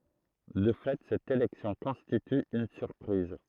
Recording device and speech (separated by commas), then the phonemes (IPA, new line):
throat microphone, read sentence
də fɛ sɛt elɛksjɔ̃ kɔ̃stity yn syʁpʁiz